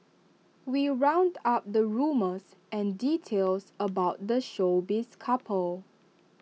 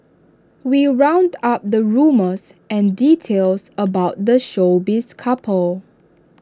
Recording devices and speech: mobile phone (iPhone 6), standing microphone (AKG C214), read sentence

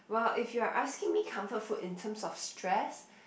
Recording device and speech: boundary microphone, conversation in the same room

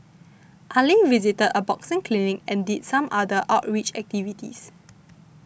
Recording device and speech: boundary microphone (BM630), read sentence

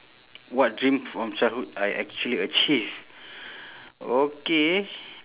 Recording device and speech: telephone, conversation in separate rooms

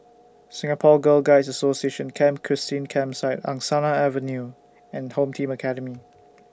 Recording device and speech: standing microphone (AKG C214), read sentence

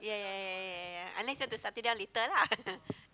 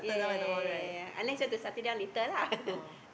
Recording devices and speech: close-talking microphone, boundary microphone, conversation in the same room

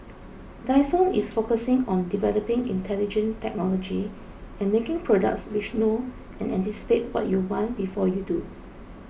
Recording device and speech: boundary microphone (BM630), read sentence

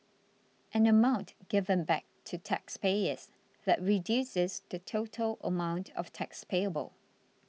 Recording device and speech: mobile phone (iPhone 6), read sentence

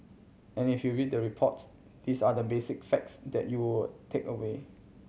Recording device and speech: mobile phone (Samsung C7100), read sentence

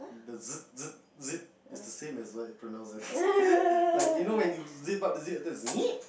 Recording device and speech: boundary microphone, conversation in the same room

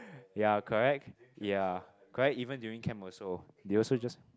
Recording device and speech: close-talking microphone, conversation in the same room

